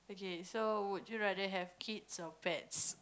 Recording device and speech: close-talking microphone, conversation in the same room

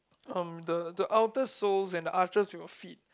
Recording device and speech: close-talking microphone, conversation in the same room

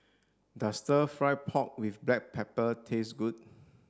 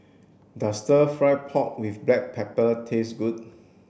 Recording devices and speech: standing microphone (AKG C214), boundary microphone (BM630), read sentence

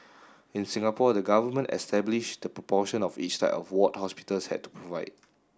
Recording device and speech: standing microphone (AKG C214), read sentence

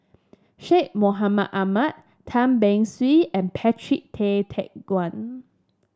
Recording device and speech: standing microphone (AKG C214), read sentence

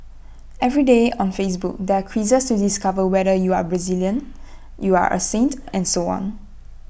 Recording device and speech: boundary microphone (BM630), read sentence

